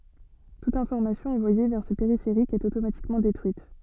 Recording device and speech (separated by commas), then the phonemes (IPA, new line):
soft in-ear microphone, read sentence
tut ɛ̃fɔʁmasjɔ̃ ɑ̃vwaje vɛʁ sə peʁifeʁik ɛt otomatikmɑ̃ detʁyit